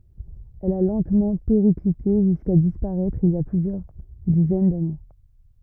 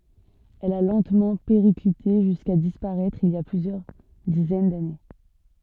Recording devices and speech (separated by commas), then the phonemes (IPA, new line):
rigid in-ear microphone, soft in-ear microphone, read sentence
ɛl a lɑ̃tmɑ̃ peʁiklite ʒyska dispaʁɛtʁ il i a plyzjœʁ dizɛn dane